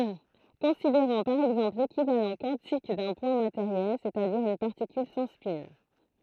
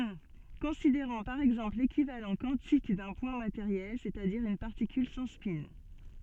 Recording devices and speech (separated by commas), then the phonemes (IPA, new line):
throat microphone, soft in-ear microphone, read sentence
kɔ̃sideʁɔ̃ paʁ ɛɡzɑ̃pl lekivalɑ̃ kwɑ̃tik dœ̃ pwɛ̃ mateʁjɛl sɛstadiʁ yn paʁtikyl sɑ̃ spɛ̃